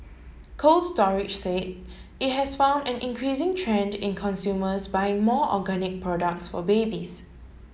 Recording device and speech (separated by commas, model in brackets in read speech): mobile phone (Samsung S8), read sentence